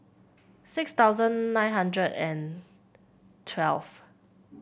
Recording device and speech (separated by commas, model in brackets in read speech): boundary microphone (BM630), read sentence